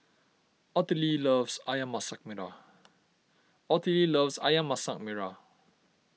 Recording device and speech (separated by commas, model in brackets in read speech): mobile phone (iPhone 6), read sentence